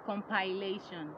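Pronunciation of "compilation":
'Compilation' is pronounced incorrectly here.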